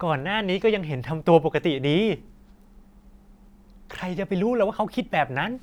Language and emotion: Thai, frustrated